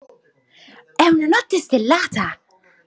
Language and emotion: Italian, happy